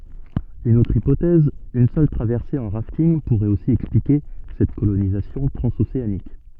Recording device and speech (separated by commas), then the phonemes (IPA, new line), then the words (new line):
soft in-ear microphone, read sentence
yn otʁ ipotɛz yn sœl tʁavɛʁse ɑ̃ ʁaftinɡ puʁɛt osi ɛksplike sɛt kolonizasjɔ̃ tʁɑ̃zoseanik
Une autre hypothèse, une seule traversée en rafting pourrait aussi expliquer cette colonisation transocéanique.